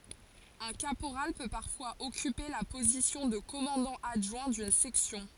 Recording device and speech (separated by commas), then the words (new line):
forehead accelerometer, read sentence
Un caporal peut parfois occuper la position de commandant adjoint d'une section.